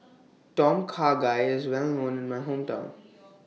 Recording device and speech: mobile phone (iPhone 6), read sentence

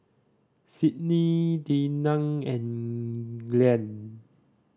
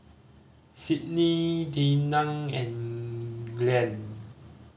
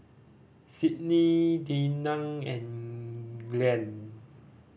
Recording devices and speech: standing microphone (AKG C214), mobile phone (Samsung C5010), boundary microphone (BM630), read sentence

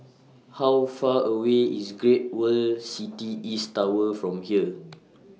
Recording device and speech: mobile phone (iPhone 6), read sentence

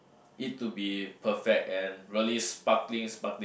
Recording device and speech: boundary microphone, conversation in the same room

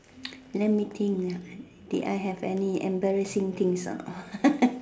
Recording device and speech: standing microphone, conversation in separate rooms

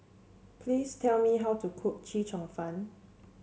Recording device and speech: mobile phone (Samsung C7), read sentence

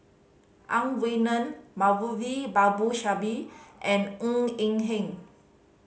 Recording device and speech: mobile phone (Samsung C5010), read sentence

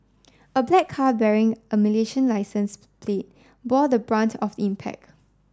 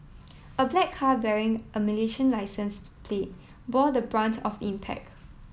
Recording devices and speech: standing microphone (AKG C214), mobile phone (iPhone 7), read sentence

